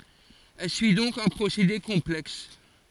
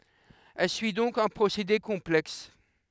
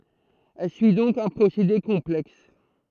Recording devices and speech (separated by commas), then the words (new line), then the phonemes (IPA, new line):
forehead accelerometer, headset microphone, throat microphone, read sentence
Elle suit donc un procédé complexe.
ɛl syi dɔ̃k œ̃ pʁosede kɔ̃plɛks